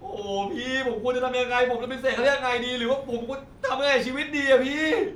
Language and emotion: Thai, frustrated